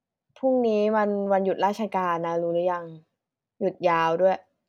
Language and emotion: Thai, frustrated